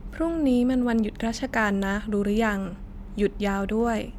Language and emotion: Thai, neutral